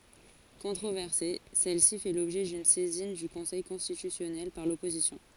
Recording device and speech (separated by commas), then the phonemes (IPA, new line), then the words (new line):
forehead accelerometer, read sentence
kɔ̃tʁovɛʁse sɛl si fɛ lɔbʒɛ dyn sɛzin dy kɔ̃sɛj kɔ̃stitysjɔnɛl paʁ lɔpozisjɔ̃
Controversée, celle-ci fait l'objet d'une saisine du Conseil constitutionnel par l'opposition.